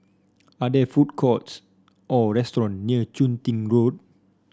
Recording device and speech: standing microphone (AKG C214), read sentence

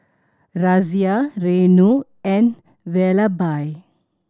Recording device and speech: standing microphone (AKG C214), read sentence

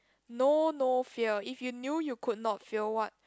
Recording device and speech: close-talking microphone, conversation in the same room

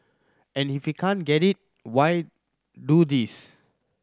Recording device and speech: standing microphone (AKG C214), read sentence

